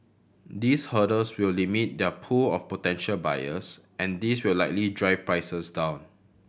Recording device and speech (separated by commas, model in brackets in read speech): boundary microphone (BM630), read sentence